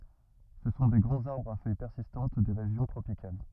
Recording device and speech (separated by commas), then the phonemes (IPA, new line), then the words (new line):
rigid in-ear microphone, read sentence
sə sɔ̃ de ɡʁɑ̃z aʁbʁz a fœj pɛʁsistɑ̃t de ʁeʒjɔ̃ tʁopikal
Ce sont des grands arbres à feuilles persistantes des régions tropicales.